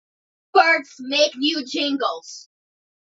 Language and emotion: English, angry